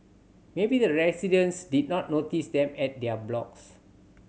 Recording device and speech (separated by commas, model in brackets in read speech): mobile phone (Samsung C7100), read sentence